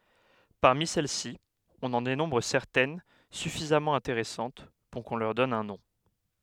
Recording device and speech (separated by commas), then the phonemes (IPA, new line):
headset microphone, read sentence
paʁmi sɛl si ɔ̃n ɑ̃ denɔ̃bʁ sɛʁtɛn syfizamɑ̃ ɛ̃teʁɛsɑ̃t puʁ kɔ̃ lœʁ dɔn œ̃ nɔ̃